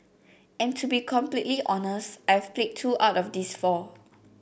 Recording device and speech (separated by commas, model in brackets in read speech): boundary microphone (BM630), read sentence